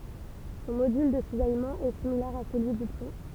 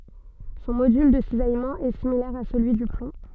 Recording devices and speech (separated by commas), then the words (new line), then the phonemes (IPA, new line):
temple vibration pickup, soft in-ear microphone, read sentence
Son module de cisaillement est similaire à celui du plomb.
sɔ̃ modyl də sizajmɑ̃ ɛ similɛʁ a səlyi dy plɔ̃